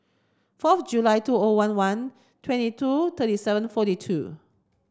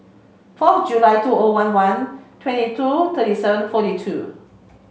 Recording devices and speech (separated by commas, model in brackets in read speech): standing microphone (AKG C214), mobile phone (Samsung C5), read sentence